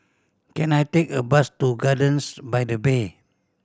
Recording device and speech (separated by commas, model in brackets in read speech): standing microphone (AKG C214), read sentence